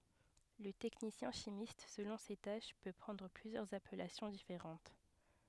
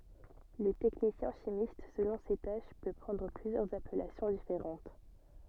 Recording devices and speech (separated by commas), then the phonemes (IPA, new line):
headset microphone, soft in-ear microphone, read sentence
lə tɛknisjɛ̃ ʃimist səlɔ̃ se taʃ pø pʁɑ̃dʁ plyzjœʁz apɛlasjɔ̃ difeʁɑ̃t